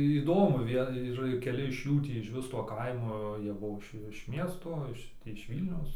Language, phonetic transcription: Lithuanian, įˈdomu ˈvie ir keˈli iš ˈjų tį išˈvis to ˈkaimo ˈjie ˈbuo iš iš ˈmiesto ˈiš tį iš ˈvylniaus

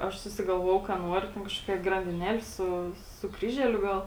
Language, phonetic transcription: Lithuanian, ˈaš susigalˈvojau ka ˈnuoriu ten kažˈkokia grandiˈneli ˈsu su ˈkryželiu ˈgal

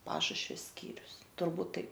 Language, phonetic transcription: Lithuanian, ˈpašušvia ˈskyrius turˈbūt ˈtaip

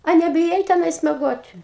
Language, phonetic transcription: Lithuanian, a nebiˈjai teˈnais meˈgot'

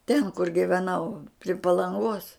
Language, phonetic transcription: Lithuanian, ten kur giveˈnau pri palanˈgos

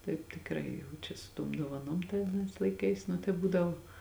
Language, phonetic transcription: Lithuanian, taip tikˈrai jau ˈčia su ˈtuom duovaˈnom tai aˈnais laiˈkais nu tai ˈbūdavo

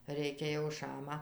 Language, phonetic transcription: Lithuanian, ˈreikia jau ˈšama

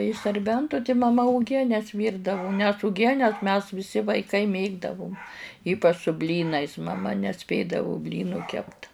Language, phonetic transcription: Lithuanian, iš sarˈbentu ti maˈma uˈgienes ˈvyrdavu nes uˈgienes mes viˈsi vaiˈkai ˈmėgdavum ˈypač su ˈblynais maˈma neˈspėdavu ˈblynų ˈkept

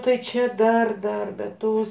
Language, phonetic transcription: Lithuanian, ˈtai ˈčia ˈdar ˈdar bet ˈtos

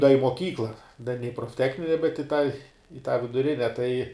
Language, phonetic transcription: Lithuanian, da i moˈkykla da ne i profˈtechnine bet i tą i tą viduˈrine tai

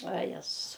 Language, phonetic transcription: Lithuanian, va ˈjezus

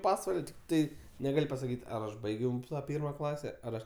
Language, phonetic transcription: Lithuanian, ˈpasval' tikˈtai neˈgal' pasaˈkyt' ˈar ˈaš ˈbaigiau ˈpyrma ˈklase ˈar ˈaš

